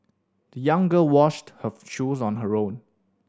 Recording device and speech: standing microphone (AKG C214), read sentence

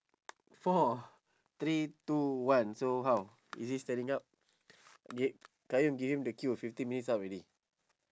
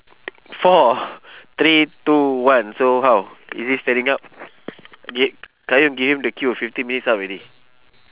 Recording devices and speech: standing microphone, telephone, conversation in separate rooms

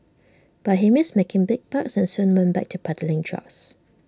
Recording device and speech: standing microphone (AKG C214), read sentence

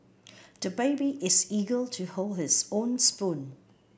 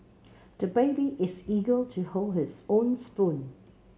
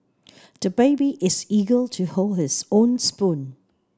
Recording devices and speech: boundary microphone (BM630), mobile phone (Samsung C7), standing microphone (AKG C214), read sentence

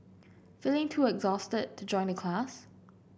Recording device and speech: boundary microphone (BM630), read sentence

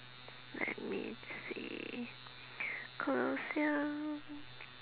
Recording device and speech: telephone, conversation in separate rooms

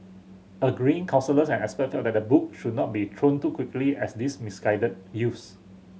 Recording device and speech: mobile phone (Samsung C7100), read sentence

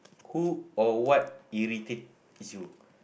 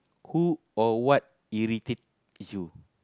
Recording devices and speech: boundary microphone, close-talking microphone, conversation in the same room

